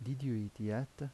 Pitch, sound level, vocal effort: 130 Hz, 79 dB SPL, soft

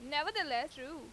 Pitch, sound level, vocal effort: 295 Hz, 93 dB SPL, loud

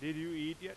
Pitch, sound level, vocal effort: 160 Hz, 97 dB SPL, very loud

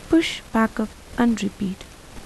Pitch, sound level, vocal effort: 225 Hz, 77 dB SPL, soft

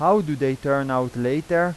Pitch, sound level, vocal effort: 140 Hz, 92 dB SPL, loud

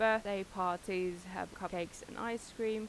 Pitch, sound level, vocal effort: 200 Hz, 88 dB SPL, normal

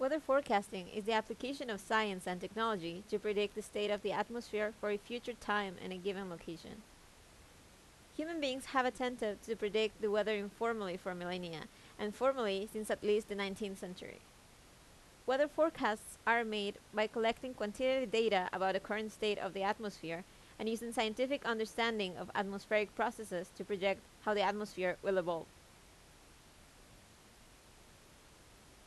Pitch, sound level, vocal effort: 210 Hz, 85 dB SPL, loud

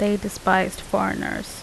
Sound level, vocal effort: 79 dB SPL, normal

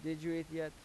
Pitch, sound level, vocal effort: 160 Hz, 88 dB SPL, normal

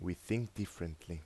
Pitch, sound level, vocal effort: 90 Hz, 80 dB SPL, soft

